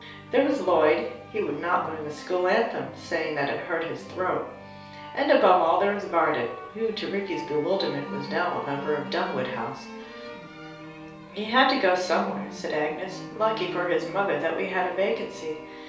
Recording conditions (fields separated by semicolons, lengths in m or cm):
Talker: one person; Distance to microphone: 3.0 m; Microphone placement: far; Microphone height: 1.8 m; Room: small (3.7 m by 2.7 m); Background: music